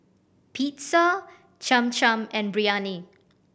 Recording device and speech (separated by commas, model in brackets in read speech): boundary microphone (BM630), read sentence